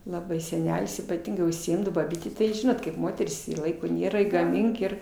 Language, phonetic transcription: Lithuanian, laˈbai seˈnelis ypaˈtingai užsiˈimdao baˈbytė tai ˈžinot kaip ˈmoterys i ˈlaiko ˈnėra i gaˈmink ir

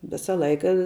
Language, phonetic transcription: Lithuanian, ˈvisa ˈlaika

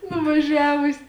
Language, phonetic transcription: Lithuanian, nuvaˈžiavusi

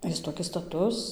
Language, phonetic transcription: Lithuanian, ˈjis toˈkis staˈtus

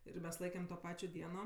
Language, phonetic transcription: Lithuanian, ir ˈmes ˈlaikem to ˈpačio ˈdieno

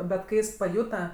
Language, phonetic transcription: Lithuanian, bet ˈkai ˈjis paˈjūta

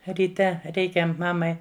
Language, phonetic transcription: Lithuanian, ryˈte ˈreikia ˈmamai

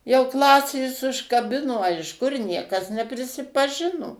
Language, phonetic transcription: Lithuanian, jau ˈklasės užkaˈbino a iš ˈkur ˈniekas neprisipaˈžino

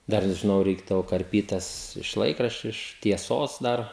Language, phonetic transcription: Lithuanian, ˈdar žiˈnau ˈreikdavo karˈpyt ˈtas iš ˈlaikraščiu iš tieˈsos ˈdar

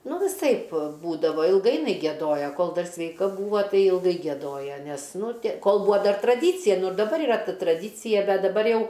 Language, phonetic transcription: Lithuanian, ˈnu viˈsaip ˈbūdava ilˈgai jiˈnai gieˈdojo ˈkol ˈdar sveiˈka ˈbūvo ˈtai ilˈgai gieˈdoja nes ˈnu tė ˈkol ˈbūa ˈdar traˈdycija ˈnu ir daˈbar iˈra ˈta tradycija ˈbet daˈbar ˈjau

